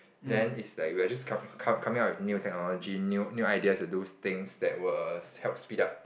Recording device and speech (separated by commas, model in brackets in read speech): boundary microphone, conversation in the same room